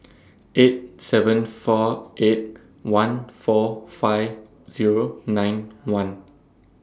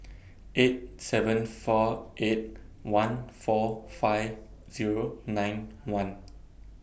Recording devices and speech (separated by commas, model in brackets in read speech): standing microphone (AKG C214), boundary microphone (BM630), read sentence